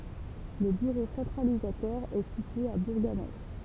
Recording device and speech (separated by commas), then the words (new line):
temple vibration pickup, read sentence
Le bureau centralisateur est situé à Bourganeuf.